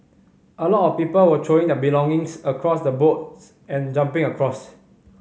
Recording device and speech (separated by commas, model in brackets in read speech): mobile phone (Samsung C5010), read sentence